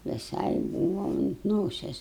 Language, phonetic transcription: Lithuanian, viˈsai ˈbūva unt ˈnoses

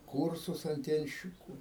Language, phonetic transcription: Lithuanian, ˈkūrsus anˈtienščiku

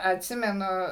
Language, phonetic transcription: Lithuanian, atˈsimenu

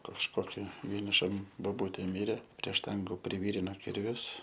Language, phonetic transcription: Lithuanian, kažˈkoki vieniˈšam boˈbutė ˈmirė prie ˈštangu privyrino ˈkirvius

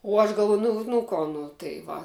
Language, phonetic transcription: Lithuanian, u ˈaš galˈvuoju ˈnu nu ˈko ˈnu tai ˈva

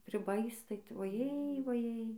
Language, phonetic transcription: Lithuanian, priˈbais tai tu vaˈjėj vaˈjėj

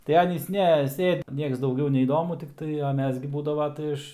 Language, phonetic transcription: Lithuanian, tai ˈanys ˈne ˈsėd ˈnieks dauˈgiau neįˈdomu tikˈtai a ˈmes gi ˈbūdavo tai ˈiš

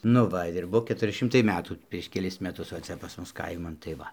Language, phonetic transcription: Lithuanian, nu ˈva ir ˈbuo ketuˈri ˈšimtai ˈmetų prieš keˈlis meˈtus va ˈcia pas ˈmus ˈkaiman tai ˈva

